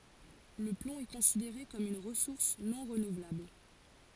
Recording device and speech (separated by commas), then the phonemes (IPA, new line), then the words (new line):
forehead accelerometer, read sentence
lə plɔ̃ ɛ kɔ̃sideʁe kɔm yn ʁəsuʁs nɔ̃ ʁənuvlabl
Le plomb est considéré comme une ressource non renouvelable.